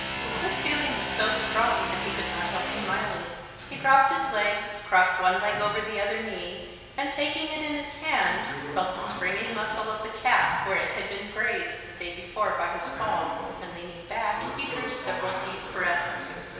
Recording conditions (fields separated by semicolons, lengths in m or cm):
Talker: one person; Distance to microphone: 1.7 m; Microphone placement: close; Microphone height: 1.0 m; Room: very reverberant, large; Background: television